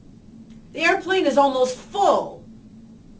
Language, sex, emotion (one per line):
English
female
angry